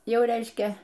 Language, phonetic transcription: Lithuanian, ˈjau ˈreiškia

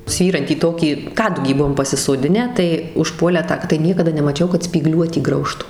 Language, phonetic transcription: Lithuanian, ˈsvyrantį ˈtokį ˈkadugį ˈbuvom pasisoˈdinę tai užˈpuolę ˈtą tai ˈniekada nemaˈčiau kad spyˈgliuotį ˈgraužtu

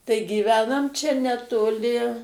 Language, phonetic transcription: Lithuanian, tai gyˈvenam ˈčia netoˈli

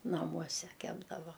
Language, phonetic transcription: Lithuanian, naˈmuose ˈkepdava

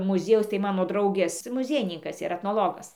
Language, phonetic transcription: Lithuanian, muˈziejaus tai ˈmano ˈdraugės muˈziejininkas yˈra etnoˈlogas

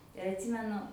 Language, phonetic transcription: Lithuanian, ir atˈsymenu

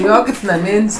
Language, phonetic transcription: Lithuanian, ˈjo kaip naˈmin's'

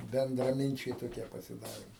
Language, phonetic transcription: Lithuanian, bendraˈminčiai toˈkie pasiˈdarėm

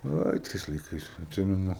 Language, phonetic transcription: Lithuanian, ˈai tais laiˈkais atˈsimenu

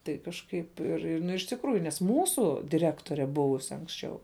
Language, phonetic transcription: Lithuanian, tai kažˈkaip ir ir ˈnu iš tikˈrųju nes ˈmūsu diˈrektore ˈbuvusi anksˈčiau

